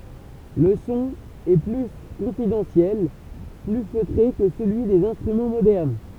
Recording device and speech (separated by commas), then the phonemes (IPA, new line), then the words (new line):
temple vibration pickup, read sentence
lə sɔ̃ ɛ ply kɔ̃fidɑ̃sjɛl ply føtʁe kə səlyi dez ɛ̃stʁymɑ̃ modɛʁn
Le son est plus confidentiel, plus feutré que celui des instruments modernes.